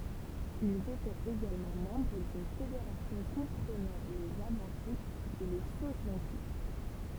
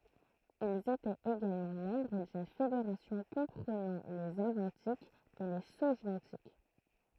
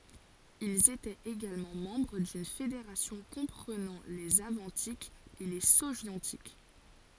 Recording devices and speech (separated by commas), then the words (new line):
temple vibration pickup, throat microphone, forehead accelerometer, read sentence
Ils étaient également membres d’une fédération comprenant les Avantiques et les Sogiontiques.